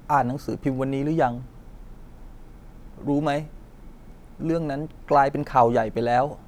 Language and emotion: Thai, sad